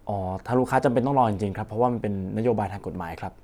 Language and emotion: Thai, neutral